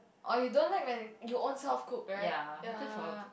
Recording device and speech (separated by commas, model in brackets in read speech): boundary microphone, conversation in the same room